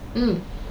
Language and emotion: Thai, neutral